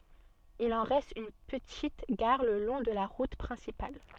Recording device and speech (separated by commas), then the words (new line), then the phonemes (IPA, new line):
soft in-ear microphone, read sentence
Il en reste une petite gare le long de la route principale.
il ɑ̃ ʁɛst yn pətit ɡaʁ lə lɔ̃ də la ʁut pʁɛ̃sipal